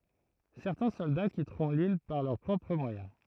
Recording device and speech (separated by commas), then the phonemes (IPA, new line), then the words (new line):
throat microphone, read sentence
sɛʁtɛ̃ sɔlda kitʁɔ̃ lil paʁ lœʁ pʁɔpʁ mwajɛ̃
Certains soldats quitteront l'île par leurs propres moyens.